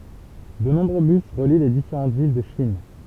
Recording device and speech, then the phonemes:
temple vibration pickup, read sentence
də nɔ̃bʁø bys ʁəli le difeʁɑ̃ vil də ʃin

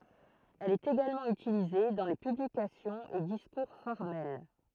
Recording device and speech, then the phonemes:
throat microphone, read sentence
ɛl ɛt eɡalmɑ̃ ytilize dɑ̃ le pyblikasjɔ̃z e diskuʁ fɔʁmɛl

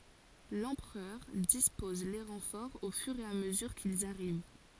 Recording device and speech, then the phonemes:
forehead accelerometer, read sentence
lɑ̃pʁœʁ dispɔz le ʁɑ̃fɔʁz o fyʁ e a məzyʁ kilz aʁiv

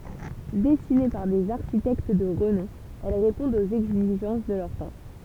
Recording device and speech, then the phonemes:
temple vibration pickup, read sentence
dɛsine paʁ dez aʁʃitɛkt də ʁənɔ̃ ɛl ʁepɔ̃dt oz ɛɡziʒɑ̃s də lœʁ tɑ̃

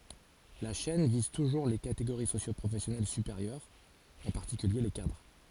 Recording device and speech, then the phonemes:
forehead accelerometer, read sentence
la ʃɛn viz tuʒuʁ le kateɡoʁi sosjopʁofɛsjɔnɛl sypeʁjœʁz ɑ̃ paʁtikylje le kadʁ

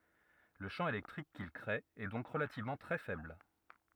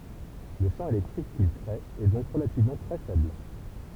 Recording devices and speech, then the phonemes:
rigid in-ear microphone, temple vibration pickup, read sentence
lə ʃɑ̃ elɛktʁik kil kʁee ɛ dɔ̃k ʁəlativmɑ̃ tʁɛ fɛbl

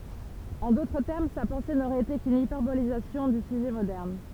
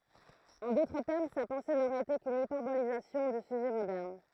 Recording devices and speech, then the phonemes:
temple vibration pickup, throat microphone, read sentence
ɑ̃ dotʁ tɛʁm sa pɑ̃se noʁɛt ete kyn ipɛʁbolizasjɔ̃ dy syʒɛ modɛʁn

